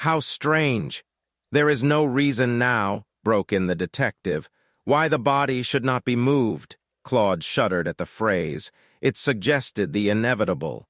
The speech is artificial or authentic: artificial